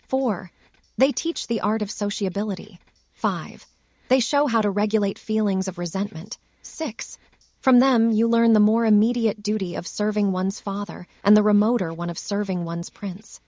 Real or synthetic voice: synthetic